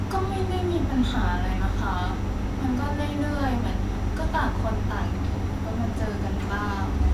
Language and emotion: Thai, neutral